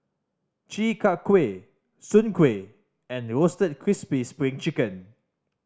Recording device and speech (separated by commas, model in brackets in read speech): standing microphone (AKG C214), read sentence